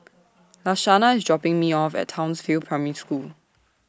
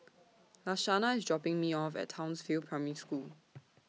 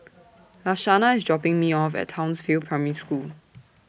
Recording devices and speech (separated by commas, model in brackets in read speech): standing microphone (AKG C214), mobile phone (iPhone 6), boundary microphone (BM630), read sentence